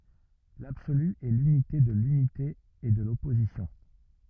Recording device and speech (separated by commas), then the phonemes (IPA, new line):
rigid in-ear microphone, read sentence
labsoly ɛ lynite də lynite e də lɔpozisjɔ̃